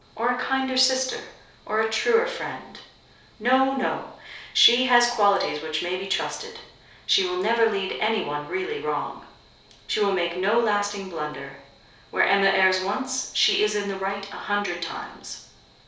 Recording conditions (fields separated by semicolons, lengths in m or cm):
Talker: one person; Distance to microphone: 3.0 m; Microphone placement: far; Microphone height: 1.8 m; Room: small (3.7 m by 2.7 m); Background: none